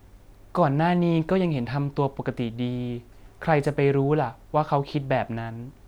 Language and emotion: Thai, neutral